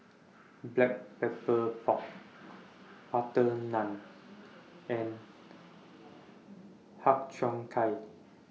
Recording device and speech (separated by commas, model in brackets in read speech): mobile phone (iPhone 6), read sentence